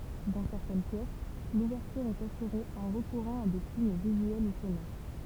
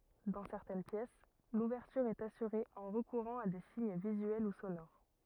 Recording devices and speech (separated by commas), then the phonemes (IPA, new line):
temple vibration pickup, rigid in-ear microphone, read sentence
dɑ̃ sɛʁtɛn pjɛs luvɛʁtyʁ ɛt asyʁe ɑ̃ ʁəkuʁɑ̃ a de siɲ vizyɛl u sonoʁ